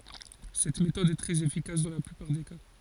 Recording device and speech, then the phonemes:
forehead accelerometer, read sentence
sɛt metɔd ɛ tʁɛz efikas dɑ̃ la plypaʁ de ka

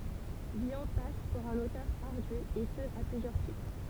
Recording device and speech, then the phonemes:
temple vibration pickup, read sentence
vilɔ̃ pas puʁ œ̃n otœʁ aʁdy e sə a plyzjœʁ titʁ

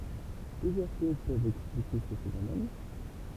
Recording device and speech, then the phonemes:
temple vibration pickup, read sentence
plyzjœʁ koz pøvt ɛksplike sə fenomɛn

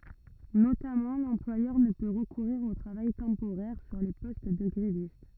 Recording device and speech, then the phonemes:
rigid in-ear microphone, read sentence
notamɑ̃ lɑ̃plwajœʁ nə pø ʁəkuʁiʁ o tʁavaj tɑ̃poʁɛʁ syʁ le pɔst də ɡʁevist

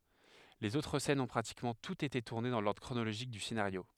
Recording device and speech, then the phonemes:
headset microphone, read sentence
lez otʁ sɛnz ɔ̃ pʁatikmɑ̃ tutz ete tuʁne dɑ̃ lɔʁdʁ kʁonoloʒik dy senaʁjo

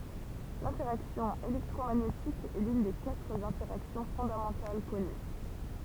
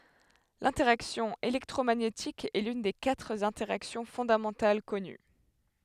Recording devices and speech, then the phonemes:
temple vibration pickup, headset microphone, read sentence
lɛ̃tɛʁaksjɔ̃ elɛktʁomaɲetik ɛ lyn de katʁ ɛ̃tɛʁaksjɔ̃ fɔ̃damɑ̃tal kɔny

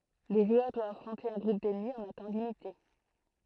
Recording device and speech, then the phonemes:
throat microphone, read sentence
lə ʒwœʁ dwa afʁɔ̃te œ̃ ɡʁup dɛnmi ɑ̃n œ̃ tɑ̃ limite

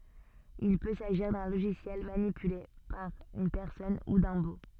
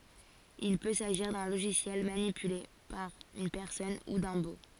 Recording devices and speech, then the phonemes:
soft in-ear microphone, forehead accelerometer, read sentence
il pø saʒiʁ dœ̃ loʒisjɛl manipyle paʁ yn pɛʁsɔn u dœ̃ bo

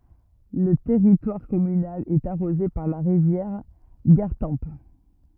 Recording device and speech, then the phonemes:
rigid in-ear microphone, read sentence
lə tɛʁitwaʁ kɔmynal ɛt aʁoze paʁ la ʁivjɛʁ ɡaʁtɑ̃p

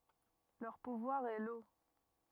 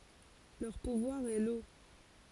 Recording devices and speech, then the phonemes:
rigid in-ear microphone, forehead accelerometer, read sentence
lœʁ puvwaʁ ɛ lo

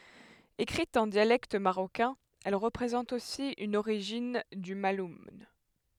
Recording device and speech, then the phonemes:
headset microphone, read sentence
ekʁit ɑ̃ djalɛkt maʁokɛ̃ ɛl ʁəpʁezɑ̃t osi yn oʁiʒin dy malun

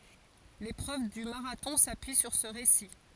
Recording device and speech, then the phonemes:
forehead accelerometer, read sentence
lepʁøv dy maʁatɔ̃ sapyi syʁ sə ʁesi

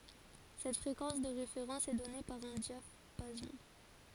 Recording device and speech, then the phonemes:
forehead accelerometer, read sentence
sɛt fʁekɑ̃s də ʁefeʁɑ̃s ɛ dɔne paʁ œ̃ djapazɔ̃

